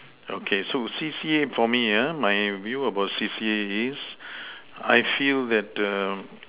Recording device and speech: telephone, conversation in separate rooms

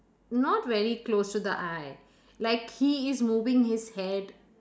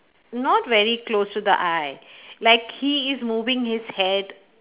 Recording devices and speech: standing microphone, telephone, conversation in separate rooms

